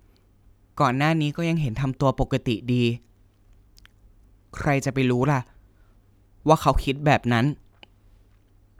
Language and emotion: Thai, sad